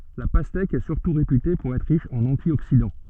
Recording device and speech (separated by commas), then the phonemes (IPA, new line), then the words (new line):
soft in-ear microphone, read sentence
la pastɛk ɛ syʁtu ʁepyte puʁ ɛtʁ ʁiʃ ɑ̃n ɑ̃tjoksidɑ̃
La pastèque est surtout réputée pour être riche en antioxydants.